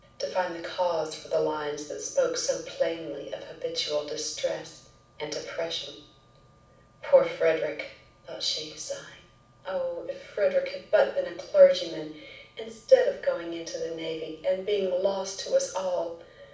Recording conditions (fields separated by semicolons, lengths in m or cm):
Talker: one person; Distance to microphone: 5.8 m; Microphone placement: far; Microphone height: 1.8 m; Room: medium-sized (5.7 m by 4.0 m); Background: none